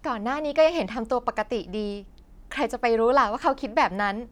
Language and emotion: Thai, happy